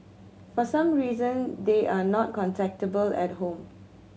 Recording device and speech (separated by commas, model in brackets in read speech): mobile phone (Samsung C7100), read sentence